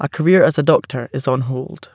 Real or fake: real